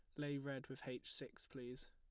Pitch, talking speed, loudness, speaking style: 130 Hz, 210 wpm, -49 LUFS, plain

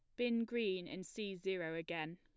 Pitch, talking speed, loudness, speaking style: 190 Hz, 185 wpm, -41 LUFS, plain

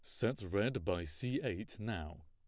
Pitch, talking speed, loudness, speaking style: 105 Hz, 175 wpm, -38 LUFS, plain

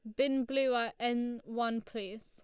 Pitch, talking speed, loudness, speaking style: 235 Hz, 175 wpm, -34 LUFS, Lombard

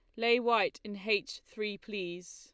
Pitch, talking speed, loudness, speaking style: 210 Hz, 170 wpm, -32 LUFS, Lombard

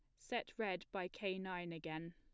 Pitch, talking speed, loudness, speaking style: 180 Hz, 185 wpm, -44 LUFS, plain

